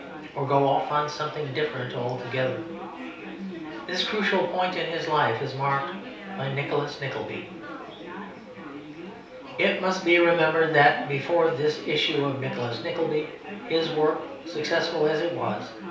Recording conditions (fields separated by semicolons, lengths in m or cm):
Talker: one person; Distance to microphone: 3.0 m; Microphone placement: far; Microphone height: 1.8 m; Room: small (3.7 m by 2.7 m); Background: babble